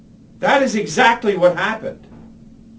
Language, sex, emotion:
English
male
angry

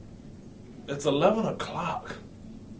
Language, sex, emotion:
English
male
disgusted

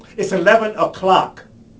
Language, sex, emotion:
English
male
angry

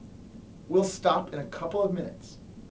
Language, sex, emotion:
English
male
neutral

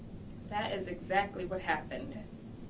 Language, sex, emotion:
English
female
neutral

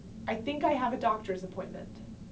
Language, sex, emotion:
English
female
neutral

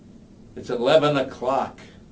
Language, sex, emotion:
English
male
disgusted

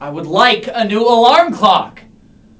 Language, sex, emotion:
English
male
angry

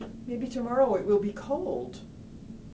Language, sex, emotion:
English
female
neutral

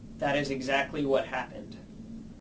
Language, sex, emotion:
English
male
neutral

